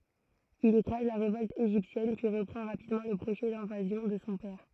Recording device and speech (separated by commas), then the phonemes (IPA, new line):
throat microphone, read sentence
il ekʁaz la ʁevɔlt eʒiptjɛn pyi ʁəpʁɑ̃ ʁapidmɑ̃ lə pʁoʒɛ dɛ̃vazjɔ̃ də sɔ̃ pɛʁ